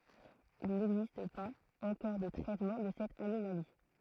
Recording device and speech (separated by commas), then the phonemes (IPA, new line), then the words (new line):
throat microphone, read sentence
il nɛɡzist paz ɑ̃kɔʁ də tʁɛtmɑ̃ də sɛt anomali
Il n'existe pas encore de traitement de cette anomalie.